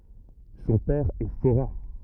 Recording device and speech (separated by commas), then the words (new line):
rigid in-ear microphone, read sentence
Son père est forain.